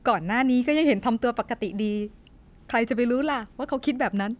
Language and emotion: Thai, happy